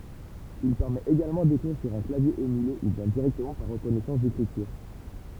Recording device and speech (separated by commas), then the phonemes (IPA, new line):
temple vibration pickup, read sentence
il pɛʁmɛt eɡalmɑ̃ dekʁiʁ syʁ œ̃ klavje emyle u bjɛ̃ diʁɛktəmɑ̃ paʁ ʁəkɔnɛsɑ̃s dekʁityʁ